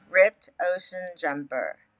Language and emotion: English, angry